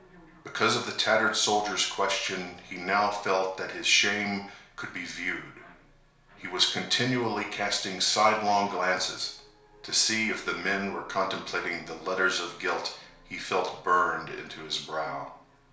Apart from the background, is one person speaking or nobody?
One person.